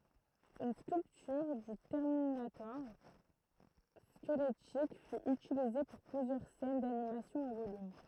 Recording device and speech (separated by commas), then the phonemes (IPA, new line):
throat microphone, read sentence
yn skyltyʁ dy tɛʁminatɔʁ skəlɛtik fy ytilize puʁ plyzjœʁ sɛn danimasjɔ̃ ɑ̃ volym